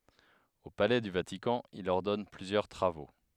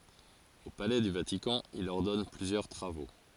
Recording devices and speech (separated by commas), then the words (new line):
headset microphone, forehead accelerometer, read sentence
Au palais du Vatican, il ordonne plusieurs travaux.